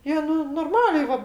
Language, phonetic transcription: Lithuanian, ˈjie ˈnu norˈmaliai ˈva

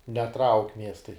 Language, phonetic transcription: Lithuanian, neˈtrauk' ˈmiestai

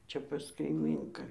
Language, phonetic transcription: Lithuanian, ˈčia pas kaiˈmynką

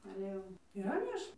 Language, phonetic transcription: Lithuanian, ale ˈjau yˈra ˈmėš

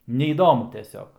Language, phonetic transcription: Lithuanian, neįˈdomu teˈsiog

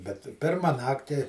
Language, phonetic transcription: Lithuanian, bet ˈpirma ˈnakti

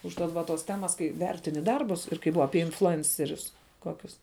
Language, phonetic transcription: Lithuanian, užˈtat va ˈtos ˈtemas ˈkai ˈvertini ˈdarbus ir kai ˈbuva ˈapie influˈencerius ˈkokius

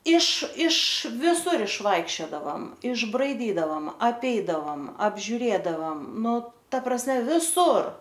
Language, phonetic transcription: Lithuanian, iš iš viˈsur išˈvaikščiodavam išbraiˈdydavam apˈeidavam apžiuˈrėdavam ˈnu ˈta prasˈme viˈsur

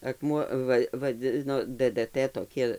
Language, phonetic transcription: Lithuanian, akˈmuo ˈva vaˈdzino dɘdɘˈtɘ toˈki

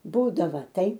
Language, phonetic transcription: Lithuanian, ˈbūdava ˈtai

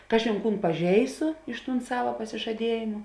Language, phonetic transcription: Lithuanian, ˈkažėn ˈkūn paˈžeisu iš tūn ˈsava pasižaˈdiejėmu

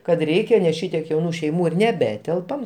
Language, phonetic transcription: Lithuanian, kad ˈreikia nes ˈšitiek jauˈnų šeiˈmų ir neˈbetelpam

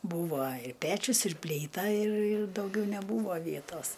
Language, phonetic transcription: Lithuanian, ˈbūvo i ˈpečius ir plyˈta ir ir dauˈgiau neˈbūvo ˈvietos

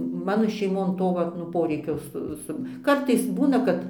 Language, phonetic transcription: Lithuanian, ˈmano šeiˈmon ˈto ˈvat nu ˈporeikio ˈsu ˈsu ˈkartais ˈbūna kad

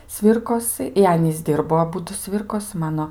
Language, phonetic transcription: Lithuanian, ˈsvyrkosɨ ir ˈanys ˈdirbo aˈbudu ˈsvirkosi ˈmano

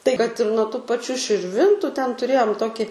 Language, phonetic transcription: Lithuanian, tai kad ir nuo tų paˈčių širˈvintu ten tuˈrėjom ˈtoki

